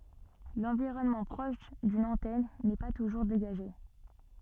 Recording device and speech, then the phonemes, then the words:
soft in-ear microphone, read sentence
lɑ̃viʁɔnmɑ̃ pʁɔʃ dyn ɑ̃tɛn nɛ pa tuʒuʁ deɡaʒe
L'environnement proche d'une antenne n'est pas toujours dégagé.

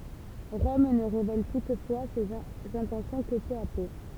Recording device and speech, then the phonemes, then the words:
temple vibration pickup, read sentence
ʁɔm nə ʁevɛl tutfwa sez ɛ̃tɑ̃sjɔ̃ kə pø a pø
Rome ne révèle toutefois ses intentions que peu à peu.

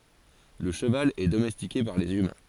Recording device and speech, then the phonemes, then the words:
forehead accelerometer, read sentence
lə ʃəval ɛ domɛstike paʁ lez ymɛ̃
Le cheval est domestiqué par les humains.

